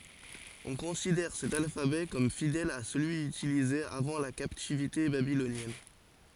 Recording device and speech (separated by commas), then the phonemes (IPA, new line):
forehead accelerometer, read sentence
ɔ̃ kɔ̃sidɛʁ sɛt alfabɛ kɔm fidɛl a səlyi ytilize avɑ̃ la kaptivite babilonjɛn